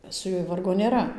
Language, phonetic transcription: Lithuanian, su ˈjuoj ˈvargo nėˈra

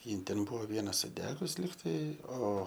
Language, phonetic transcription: Lithuanian, ˈjin ˈten ˈbuvo ˈviena suˈdegus ˈligtai ˈo

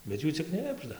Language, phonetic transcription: Lithuanian, bet ˈjų cik ˈknibžda

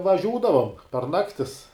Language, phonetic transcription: Lithuanian, vaˈžiūdavom par ˈnaktis

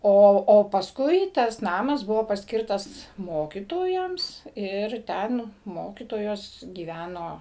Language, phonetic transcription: Lithuanian, ˈo o pasˈkui ˈtas ˈnamas ˈbuvo pasˈkirtas ˈmokytojams ˈir ˈten ˈmokytojos gyˈvæno

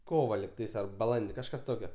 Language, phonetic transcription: Lithuanian, ˈkova likˈtais ar baˈlandi kažˈkas ˈtokio

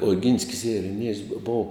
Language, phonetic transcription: Lithuanian, oˈginskis ireˈniejus bo ˈbov

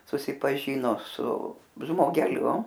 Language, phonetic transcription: Lithuanian, susipaˈžyno su žmogeˈliu

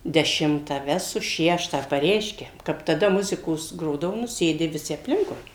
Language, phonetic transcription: Lithuanian, deˈšimtą ˈvesu ˈšeštą paˈreiškia kap taˈda ˈmuzikos ˈgrodavu nu ˈsėdi viˈsi apˈlinkui

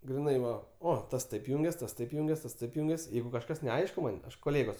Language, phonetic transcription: Lithuanian, griˈnai ˈva ˈo ˈtas ˈtaip ˈjungias ˈtas ˈtaip ˈjungias ˈtas ˈtaip ˈjungias ˈjeigu kažˈkas neˈaišku ˈman' koˈlėgos

